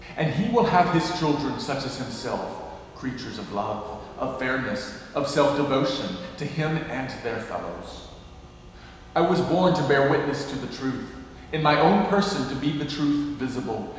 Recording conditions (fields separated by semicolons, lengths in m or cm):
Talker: one person; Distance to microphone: 1.7 m; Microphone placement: close; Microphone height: 1.0 m; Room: very reverberant, large; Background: music